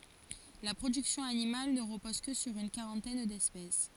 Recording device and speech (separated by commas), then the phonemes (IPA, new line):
forehead accelerometer, read sentence
la pʁodyksjɔ̃ animal nə ʁəpɔz kə syʁ yn kaʁɑ̃tɛn dɛspɛs